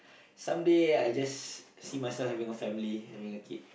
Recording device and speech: boundary microphone, conversation in the same room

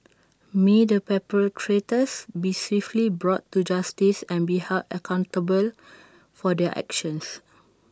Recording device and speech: standing microphone (AKG C214), read sentence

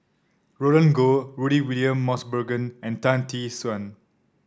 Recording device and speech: standing microphone (AKG C214), read sentence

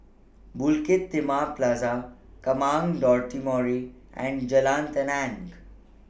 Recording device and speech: boundary microphone (BM630), read sentence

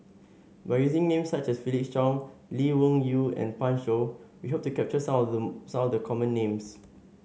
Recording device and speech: mobile phone (Samsung S8), read sentence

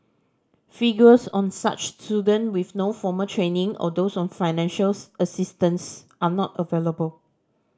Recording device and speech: standing microphone (AKG C214), read sentence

